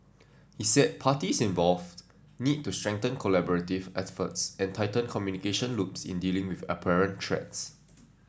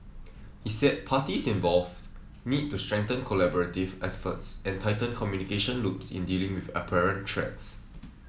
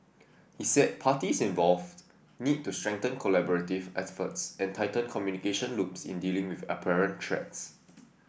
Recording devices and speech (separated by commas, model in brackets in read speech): standing microphone (AKG C214), mobile phone (iPhone 7), boundary microphone (BM630), read sentence